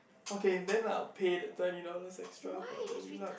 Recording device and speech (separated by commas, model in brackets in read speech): boundary microphone, conversation in the same room